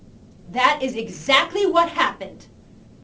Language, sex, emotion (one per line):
English
female
angry